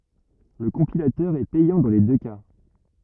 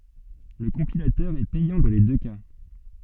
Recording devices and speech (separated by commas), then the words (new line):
rigid in-ear microphone, soft in-ear microphone, read sentence
Le compilateur est payant dans les deux cas.